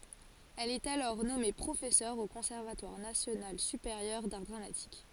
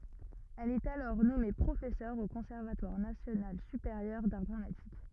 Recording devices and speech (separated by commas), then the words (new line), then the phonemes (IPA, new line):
forehead accelerometer, rigid in-ear microphone, read sentence
Elle est alors nommée professeur au Conservatoire national supérieur d'art dramatique.
ɛl ɛt alɔʁ nɔme pʁofɛsœʁ o kɔ̃sɛʁvatwaʁ nasjonal sypeʁjœʁ daʁ dʁamatik